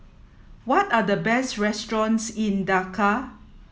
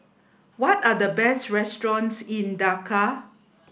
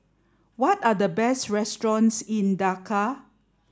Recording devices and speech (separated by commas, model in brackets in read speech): mobile phone (iPhone 7), boundary microphone (BM630), standing microphone (AKG C214), read sentence